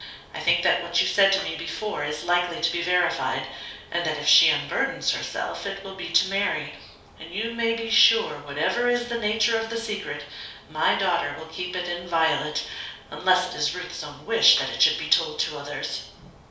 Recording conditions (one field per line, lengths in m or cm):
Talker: one person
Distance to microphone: 3.0 m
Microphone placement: far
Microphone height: 1.8 m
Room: small (3.7 m by 2.7 m)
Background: none